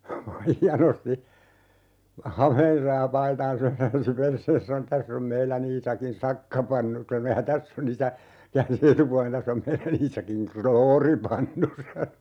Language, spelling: Finnish, Maija nosti hameensa ja paitansa ja käänsi perseensä sanoi tässä on meidän Iisakin sakkapannu sanoi ja tässä on käänsi etupuolen tässä on meidän Iisakin krooripannu sanoi
- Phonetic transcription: 'Maija nosti , "hameensa ja 'paitaa̰s (ja 'käänsi) "perseens sano » 'täss ‿om 'meilän ‿Iisakin "sakkapannu » sano » ja 'täss ‿on ( - -) » , 'käänsi "etupualen » 'täss ‿om 'meilän ‿Iisakiŋ "krooripannu » sa(no) .

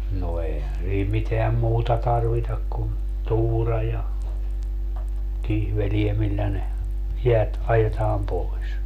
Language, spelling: Finnish, no eihän siinä mitään muuta tarvita kuin tuura ja kihveleitä millä ne jäät ajetaan pois
- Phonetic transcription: no 'eihän sii 'miteäm "muuta 'tarvitak kun , 'tuura ja , 'kihvelie 'millä ne , 'jeät 'ajetaam 'poi̮s .

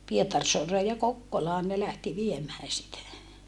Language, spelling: Finnish, Pietarsaareen ja Kokkolaan ne lähti viemään sitä
- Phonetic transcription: Pietarsoaree ja Kokkolaan ne lähti viemää sitä .

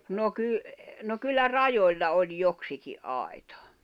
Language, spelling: Finnish, no - no kyllä rajoilla oli joksikin aita
- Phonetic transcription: no ky- , no kyllä "rajoĺla oĺ 'joksiki’ '’ài̬tᴀ .

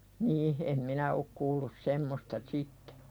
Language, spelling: Finnish, niin en minä ole kuullut semmoista sitten
- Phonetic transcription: niih , em 'minä ok kuullus 'semmosta "sittᴇ .

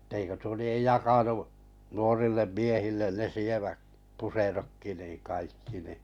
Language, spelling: Finnish, että eikö tuo lie jakanut nuorille miehille ne sievät puserotkin niin kaikki niin
- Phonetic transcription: etteikö tuo liej "jakanu’ , 'nuorillem 'miehillen ne 'sieväk , 'puserokki niiᵑ kaikki ni .

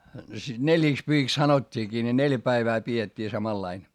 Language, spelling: Finnish, sitä neljiksipyhiksi sanottiinkin ne neljä päivää pidettiin samanlainen
- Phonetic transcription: siD neljìkspyhiks sanot́t́iikii ne neljä päivää pi₍et́t́ii samallain .

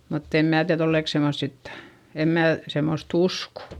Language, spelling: Finnish, mutta en minä tiedä ollenkaan semmoista sitten en minä semmoista usko
- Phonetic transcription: mutt ‿em mä̀ tiäδ ‿ollèk semmost sit , em mää , semmost ‿usko .

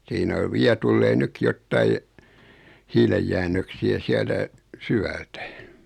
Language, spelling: Finnish, siinä on vielä tulee nytkin jotakin hiilenjäännöksiä sieltä syvältä
- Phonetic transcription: 'siinä o 'viä tullee 'nykki jottai , 'hiilejjännöksi₍ä 'siältä , "sywältä .

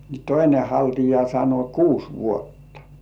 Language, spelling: Finnish, niin toinen haltia sanoi kuusi vuotta
- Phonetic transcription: ni "toine 'haltija sano » kuus vuotta « .

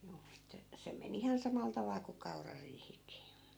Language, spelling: Finnish, juu että se meni ihan samalla tavalla kuin kaurariihikin
- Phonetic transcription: juu että , 'se me'n ‿ihan 'samal 'taval ku 'kaurariihik̆kii .

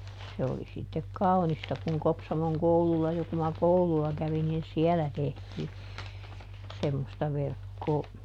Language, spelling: Finnish, se oli sitten kaunista kun Kopsamon koululla jo kun minä koululla kävin niin siellä tehtiin semmoista verkkoa
- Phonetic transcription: ˈse oli ˈsittek "kau̬nista kuŋ ˈKopsamoŋ ˈkoululla jo ku ma "koulu₍a ˈkävin niin "siɛlä ˈtehtii , ˈsemmosta ˈverkkoo .

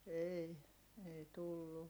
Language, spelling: Finnish, ei ei tullut
- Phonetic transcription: ei , ei tullu .

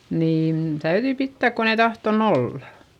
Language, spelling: Finnish, niin täytyi pitää kun ei tahtonut olla
- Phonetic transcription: niin , täyδyi pittä̀k kon ‿ei tahton ‿ollA .

